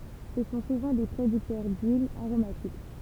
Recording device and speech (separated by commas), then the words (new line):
temple vibration pickup, read sentence
Ce sont souvent des producteurs d'huiles aromatiques.